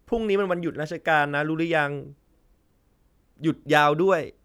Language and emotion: Thai, neutral